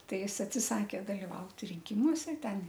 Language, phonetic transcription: Lithuanian, ˈtai ˈjis atsiˈsakė daliˈvaut rinˈkimuose ˈten

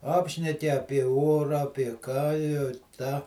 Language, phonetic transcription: Lithuanian, ˈapšneki ˈapie ˈorą apie ˈką jau ˈtą

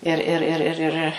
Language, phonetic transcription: Lithuanian, ir ˈir ˈir ir

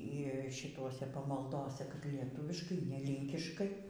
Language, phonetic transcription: Lithuanian, y šiˈtose pamalˈdose kad lieˈtuviškai ne ˈlynkiškai

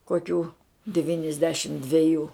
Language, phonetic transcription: Lithuanian, koˈkių divynisˈdešim dveˈjų

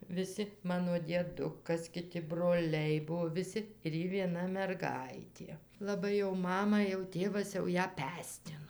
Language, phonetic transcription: Lithuanian, viˈsi ˈmano dieˈdukas kiˈti broˈliai ˈbuo viˈsi ir ˈji vieˈna merˈgaitė laˈbai jau ˈmama jau ˈtėvas jau ˈją ˈpestino

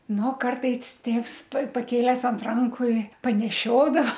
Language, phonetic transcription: Lithuanian, ˈnu ˈkartais ˈtėvs pa paˈkėlęs ant ˈranku i paneˈšiodava

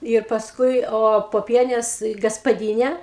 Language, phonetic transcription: Lithuanian, ir pasˈkui o poˈpienės gaspaˈdyne

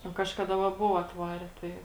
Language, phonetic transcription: Lithuanian, nu ˈkažkada va ˈbuvo atˈvare ˈtai

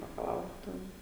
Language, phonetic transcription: Lithuanian, bakaˈlaura ˈten

